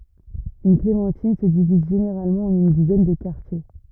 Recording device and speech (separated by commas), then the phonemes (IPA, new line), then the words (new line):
rigid in-ear microphone, read sentence
yn klemɑ̃tin sə diviz ʒeneʁalmɑ̃ ɑ̃n yn dizɛn də kaʁtje
Une clémentine se divise généralement en une dizaine de quartiers.